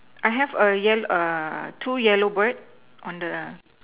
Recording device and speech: telephone, conversation in separate rooms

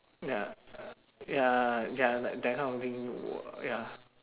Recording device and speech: telephone, conversation in separate rooms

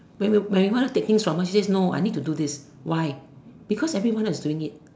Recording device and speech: standing microphone, conversation in separate rooms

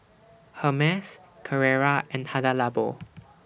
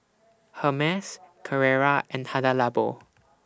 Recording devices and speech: boundary microphone (BM630), standing microphone (AKG C214), read sentence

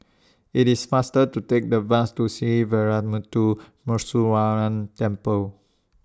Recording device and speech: standing microphone (AKG C214), read sentence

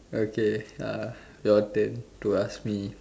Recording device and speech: standing microphone, conversation in separate rooms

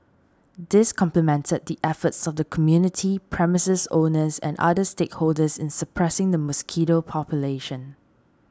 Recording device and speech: standing microphone (AKG C214), read sentence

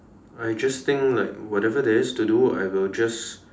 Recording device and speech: standing microphone, conversation in separate rooms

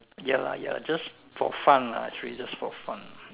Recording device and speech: telephone, conversation in separate rooms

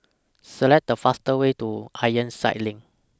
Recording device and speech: standing microphone (AKG C214), read sentence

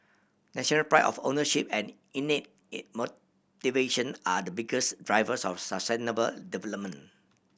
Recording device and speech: boundary microphone (BM630), read sentence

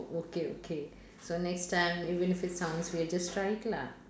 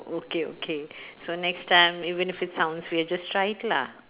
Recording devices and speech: standing microphone, telephone, conversation in separate rooms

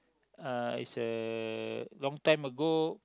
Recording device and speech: close-talking microphone, conversation in the same room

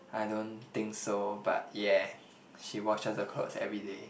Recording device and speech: boundary microphone, conversation in the same room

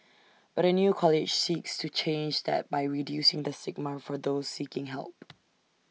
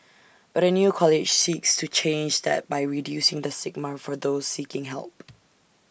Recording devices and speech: mobile phone (iPhone 6), boundary microphone (BM630), read sentence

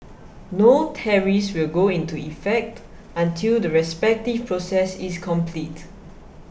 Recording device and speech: boundary microphone (BM630), read sentence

